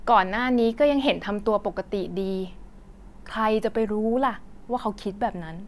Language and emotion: Thai, frustrated